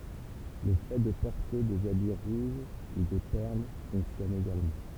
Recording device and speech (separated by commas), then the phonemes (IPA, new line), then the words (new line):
temple vibration pickup, read sentence
lə fɛ də pɔʁte dez abi ʁuʒ u de pɛʁl fɔ̃ksjɔn eɡalmɑ̃
Le fait de porter des habits rouges ou des perles fonctionne également.